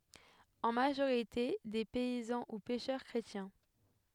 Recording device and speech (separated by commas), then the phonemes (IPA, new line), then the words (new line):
headset microphone, read sentence
ɑ̃ maʒoʁite de pɛizɑ̃ u pɛʃœʁ kʁetjɛ̃
En majorité des paysans ou pêcheurs chrétiens.